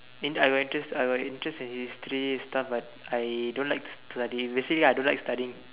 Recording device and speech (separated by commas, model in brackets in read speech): telephone, conversation in separate rooms